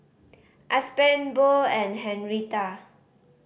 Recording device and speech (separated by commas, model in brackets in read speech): boundary microphone (BM630), read sentence